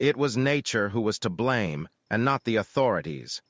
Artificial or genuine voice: artificial